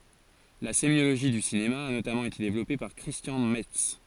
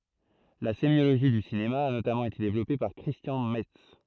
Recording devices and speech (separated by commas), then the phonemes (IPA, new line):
forehead accelerometer, throat microphone, read sentence
la semjoloʒi dy sinema a notamɑ̃ ete devlɔpe paʁ kʁistjɑ̃ mɛts